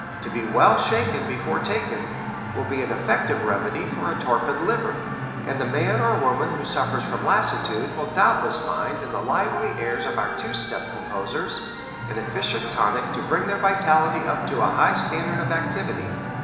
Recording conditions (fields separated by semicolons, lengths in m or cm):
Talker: one person; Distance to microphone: 1.7 m; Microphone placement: close; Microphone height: 1.0 m; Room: very reverberant, large; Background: television